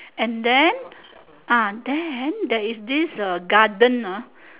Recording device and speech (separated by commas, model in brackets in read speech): telephone, conversation in separate rooms